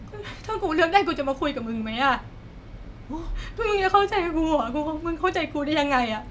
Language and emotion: Thai, sad